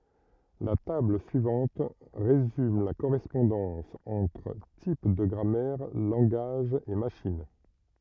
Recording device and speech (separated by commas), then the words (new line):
rigid in-ear microphone, read sentence
La table suivante résume la correspondance entre types de grammaire, langages et machines.